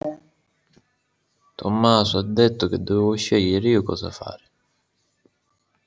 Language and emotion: Italian, neutral